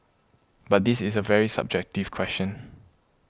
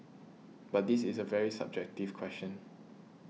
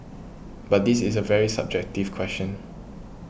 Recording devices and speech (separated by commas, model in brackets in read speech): close-talking microphone (WH20), mobile phone (iPhone 6), boundary microphone (BM630), read sentence